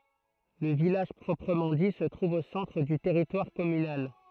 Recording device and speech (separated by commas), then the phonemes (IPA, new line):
throat microphone, read sentence
lə vilaʒ pʁɔpʁəmɑ̃ di sə tʁuv o sɑ̃tʁ dy tɛʁitwaʁ kɔmynal